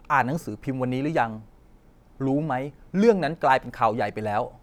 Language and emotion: Thai, frustrated